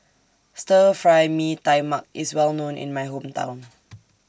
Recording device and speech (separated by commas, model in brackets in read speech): standing microphone (AKG C214), read sentence